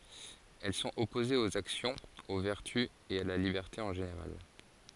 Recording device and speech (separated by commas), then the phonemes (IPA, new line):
forehead accelerometer, read sentence
ɛl sɔ̃t ɔpozez oz aksjɔ̃z o vɛʁty e a la libɛʁte ɑ̃ ʒeneʁal